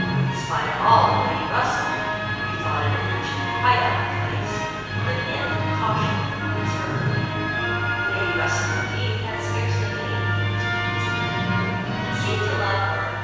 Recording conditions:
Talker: one person; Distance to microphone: 7.1 m; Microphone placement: far; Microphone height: 1.7 m; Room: very reverberant, large; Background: television

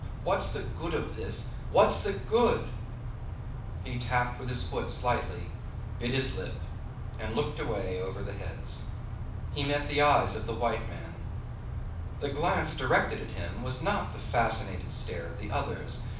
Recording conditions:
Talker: one person; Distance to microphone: 5.8 m; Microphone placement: far; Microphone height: 1.8 m; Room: medium-sized (5.7 m by 4.0 m); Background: none

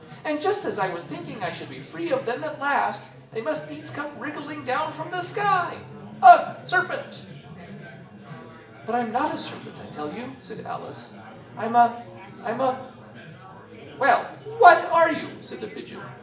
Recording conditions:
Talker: one person; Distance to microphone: 1.8 m; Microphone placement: close; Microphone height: 1.0 m; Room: large; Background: babble

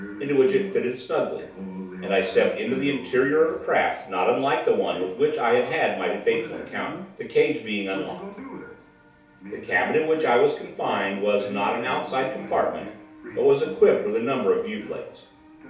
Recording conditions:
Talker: one person; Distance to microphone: 3.0 m; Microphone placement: far; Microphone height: 1.8 m; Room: small (3.7 m by 2.7 m); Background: television

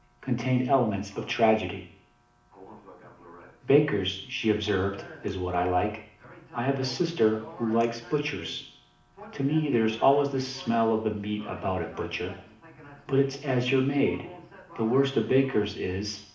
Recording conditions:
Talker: one person; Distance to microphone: 2.0 m; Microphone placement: close; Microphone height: 99 cm; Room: medium-sized (5.7 m by 4.0 m); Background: television

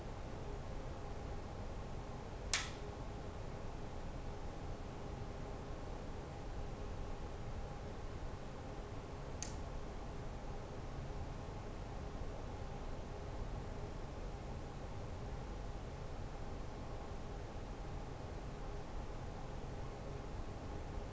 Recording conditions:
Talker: no one; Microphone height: 1.8 m; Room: small (3.7 m by 2.7 m); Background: none

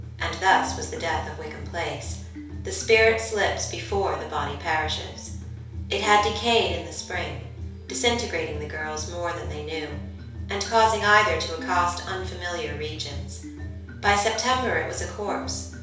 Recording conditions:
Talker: one person; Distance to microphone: 3.0 m; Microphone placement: far; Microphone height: 1.8 m; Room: small (3.7 m by 2.7 m); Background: music

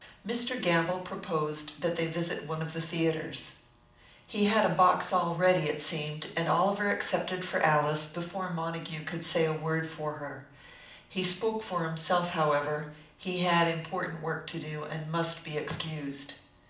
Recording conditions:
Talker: one person; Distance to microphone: 2.0 m; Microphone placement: close; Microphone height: 99 cm; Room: medium-sized (5.7 m by 4.0 m); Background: none

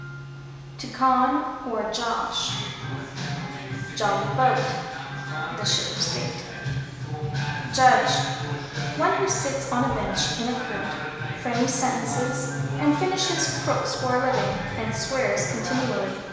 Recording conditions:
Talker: one person; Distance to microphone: 1.7 m; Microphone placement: close; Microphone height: 1.0 m; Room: very reverberant, large; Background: music

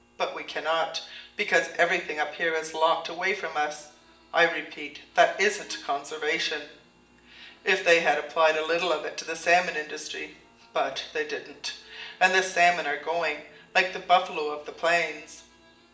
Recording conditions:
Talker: one person; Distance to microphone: 1.8 m; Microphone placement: close; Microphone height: 1.0 m; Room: large; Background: television

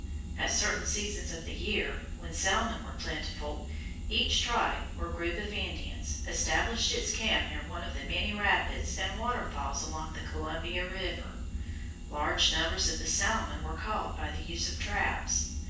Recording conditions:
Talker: one person; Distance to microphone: 9.8 m; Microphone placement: far; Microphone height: 1.8 m; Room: large; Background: none

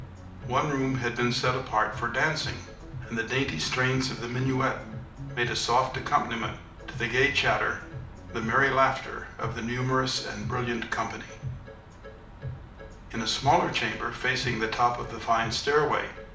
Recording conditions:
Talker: one person; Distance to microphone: 2.0 m; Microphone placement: close; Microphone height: 99 cm; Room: medium-sized (5.7 m by 4.0 m); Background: music

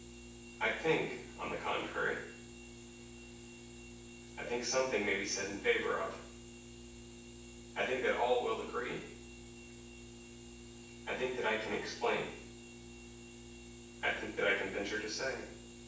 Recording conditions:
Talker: one person; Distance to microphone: 9.8 m; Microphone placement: far; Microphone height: 1.8 m; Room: large; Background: none

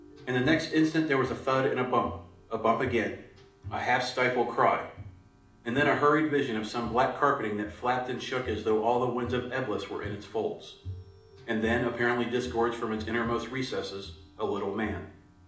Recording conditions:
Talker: one person; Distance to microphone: 2.0 m; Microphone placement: close; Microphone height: 99 cm; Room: medium-sized (5.7 m by 4.0 m); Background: music

